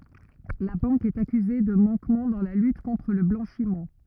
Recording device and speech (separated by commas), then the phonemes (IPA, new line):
rigid in-ear microphone, read sentence
la bɑ̃k ɛt akyze də mɑ̃kmɑ̃ dɑ̃ la lyt kɔ̃tʁ lə blɑ̃ʃim